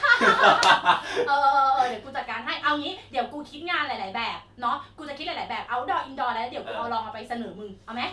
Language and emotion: Thai, happy